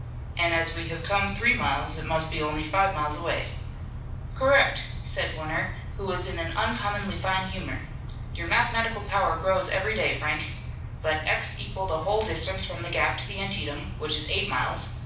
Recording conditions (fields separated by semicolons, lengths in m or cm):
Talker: one person; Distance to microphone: 5.8 m; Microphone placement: far; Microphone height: 1.8 m; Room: medium-sized (5.7 m by 4.0 m); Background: none